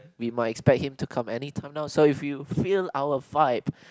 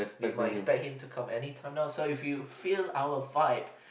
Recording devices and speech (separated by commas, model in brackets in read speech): close-talking microphone, boundary microphone, conversation in the same room